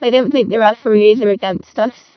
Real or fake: fake